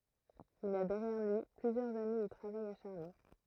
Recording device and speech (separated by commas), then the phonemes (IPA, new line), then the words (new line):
throat microphone, read sentence
il a dɛʁjɛʁ lyi plyzjœʁz ane də tʁavaj aʃaʁne
Il a derrière lui plusieurs années de travail acharné.